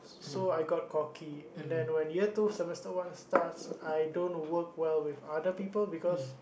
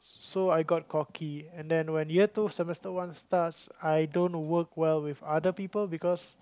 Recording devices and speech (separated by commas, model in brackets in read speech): boundary microphone, close-talking microphone, conversation in the same room